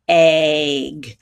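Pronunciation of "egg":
In 'egg', the vowel is said almost like a long A sound rather than the E sound.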